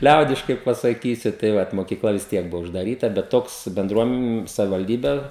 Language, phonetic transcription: Lithuanian, ˈliaudiškai pasaˈkysiu tai ˈvat mokyˈkla vis ˈtiek ˈbuvo uždaˈryta bet ˈtoks benˈdruom savivalˈdybe

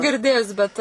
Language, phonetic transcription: Lithuanian, girˈdėjus bet

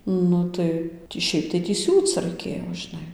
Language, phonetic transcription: Lithuanian, ˈnu tai tį ˈšiaip tai tį ˈsiūc raiˈkėjo žiˈnai

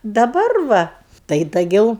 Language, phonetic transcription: Lithuanian, daˈbar ˈva tai daˈgiau

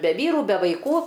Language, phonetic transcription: Lithuanian, be ˈvyrų be vaiˈkų

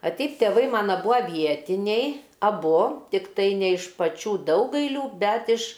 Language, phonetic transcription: Lithuanian, a ˈteip teˈvai ˈmana ˈbua ˈvietiniai aˈbu tikˈtai ne iš paˈčių ˈdaugailių ˈbet iš

